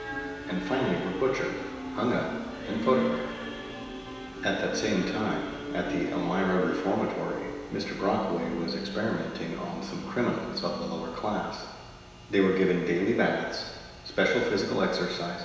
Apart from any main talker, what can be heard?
Music.